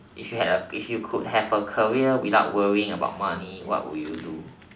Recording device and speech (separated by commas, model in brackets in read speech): standing microphone, conversation in separate rooms